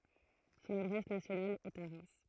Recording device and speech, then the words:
throat microphone, read sentence
Son adresse nationale est à Reims.

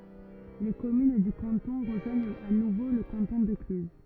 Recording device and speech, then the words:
rigid in-ear microphone, read sentence
Les communes du canton rejoignent à nouveau le canton de Cluses.

